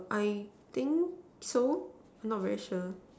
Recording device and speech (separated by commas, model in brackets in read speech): standing microphone, conversation in separate rooms